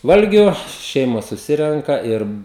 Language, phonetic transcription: Lithuanian, ˈvalgiu ˈšeimos suˈsirenka ˈir

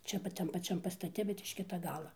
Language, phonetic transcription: Lithuanian, ˈčia pat ˈtam paˈčiam pastaˈte bet iš ˈkita ˈgala

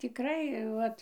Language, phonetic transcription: Lithuanian, tiˈkrai ˈvat

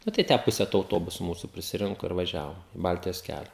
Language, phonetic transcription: Lithuanian, na tai ˈtę ˈpuse to auˈtobusu ˈmūsu prisiˈrinku ir vaˈžiavom i ˈbaltijos ˈkælia

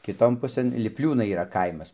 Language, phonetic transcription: Lithuanian, kiˈton ˈpusɘn lipˈliūnai yˈra ˈkaimas

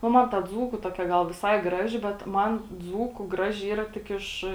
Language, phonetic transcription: Lithuanian, nu ˈman ta ˈdzūku ˈtokia ˈgal viˈsai ˈgraži bet ˈman ˈdzūku ˈgraži ˈyra tik ˈiš

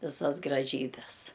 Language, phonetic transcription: Lithuanian, viˈsas graˈžybes

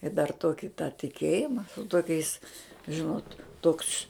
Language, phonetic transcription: Lithuanian, i dar ˈtoki tą tiˈkėjima toˈkiais ˈžinot ˈtoks

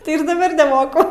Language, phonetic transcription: Lithuanian, ˈtai ir daˈbar neˈmoku

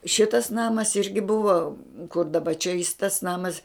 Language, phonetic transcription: Lithuanian, ˈšitas ˈnamas ˈirgi ˈbuva kur daˈba čia jis tas ˈnamas

